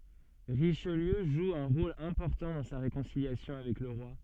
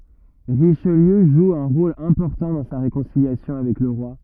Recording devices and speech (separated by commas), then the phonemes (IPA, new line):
soft in-ear microphone, rigid in-ear microphone, read sentence
ʁiʃliø ʒu œ̃ ʁol ɛ̃pɔʁtɑ̃ dɑ̃ sa ʁekɔ̃siljasjɔ̃ avɛk lə ʁwa